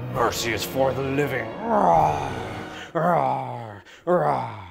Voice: Deep dragon voice